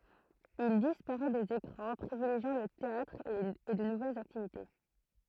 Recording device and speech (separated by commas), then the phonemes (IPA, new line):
throat microphone, read sentence
il dispaʁɛ dez ekʁɑ̃ pʁivileʒjɑ̃ lə teatʁ e də nuvɛlz aktivite